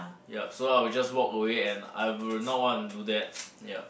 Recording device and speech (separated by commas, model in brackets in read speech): boundary microphone, conversation in the same room